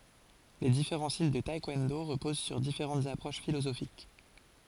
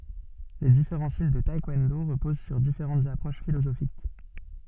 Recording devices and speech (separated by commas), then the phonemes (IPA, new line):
forehead accelerometer, soft in-ear microphone, read sentence
le difeʁɑ̃ stil də taɛkwɔ̃do ʁəpoz syʁ difeʁɑ̃tz apʁoʃ filozofik